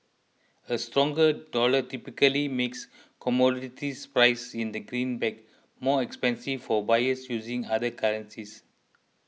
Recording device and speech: mobile phone (iPhone 6), read sentence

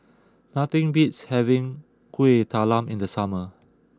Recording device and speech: close-talking microphone (WH20), read sentence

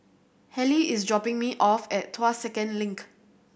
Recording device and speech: boundary microphone (BM630), read sentence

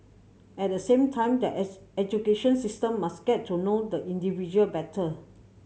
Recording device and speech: mobile phone (Samsung C7100), read sentence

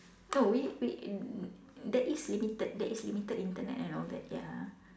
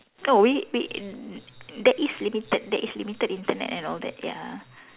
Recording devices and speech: standing microphone, telephone, conversation in separate rooms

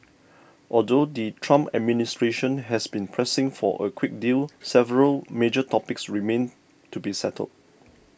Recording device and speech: boundary microphone (BM630), read sentence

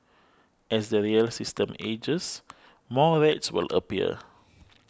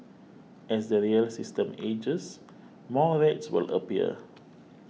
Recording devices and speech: close-talking microphone (WH20), mobile phone (iPhone 6), read sentence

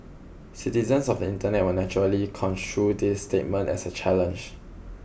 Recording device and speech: boundary microphone (BM630), read sentence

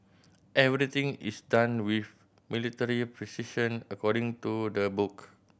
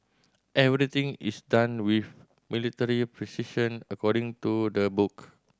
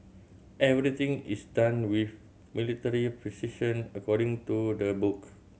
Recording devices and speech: boundary microphone (BM630), standing microphone (AKG C214), mobile phone (Samsung C7100), read sentence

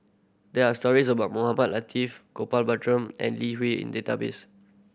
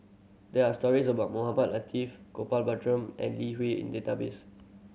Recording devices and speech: boundary microphone (BM630), mobile phone (Samsung C7100), read sentence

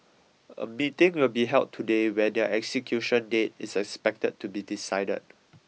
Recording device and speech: mobile phone (iPhone 6), read sentence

